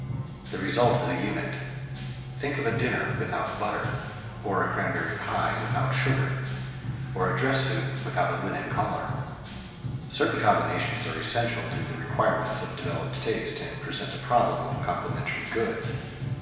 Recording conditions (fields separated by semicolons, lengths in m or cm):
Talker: one person; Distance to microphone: 1.7 m; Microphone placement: close; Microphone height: 1.0 m; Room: very reverberant, large; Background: music